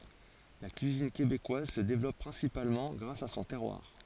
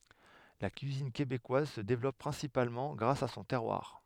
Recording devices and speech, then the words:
forehead accelerometer, headset microphone, read sentence
La cuisine québécoise se développe principalement grâce à son terroir.

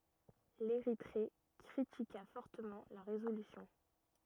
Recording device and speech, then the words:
rigid in-ear microphone, read sentence
L'Érythrée critiqua fortement la résolution.

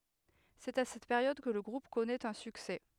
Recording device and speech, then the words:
headset microphone, read sentence
C'est à cette période que le groupe connait un succès.

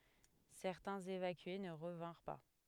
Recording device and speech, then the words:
headset microphone, read sentence
Certains évacués ne revinrent pas.

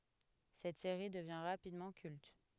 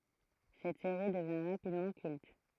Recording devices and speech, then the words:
headset microphone, throat microphone, read sentence
Cette série devient rapidement culte.

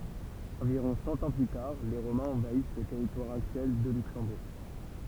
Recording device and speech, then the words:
temple vibration pickup, read sentence
Environ cent ans plus tard, les Romains envahissent le territoire actuel de Luxembourg.

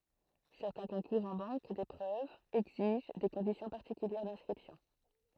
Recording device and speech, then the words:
throat microphone, read sentence
Certains concours en banque d’épreuves exigent des conditions particulières d’inscription.

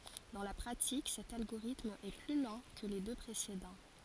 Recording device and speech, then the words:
forehead accelerometer, read sentence
Dans la pratique, cet algorithme est plus lent que les deux précédents.

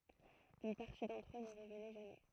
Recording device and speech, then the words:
throat microphone, read sentence
Une partie d'entre eux ne revenait jamais.

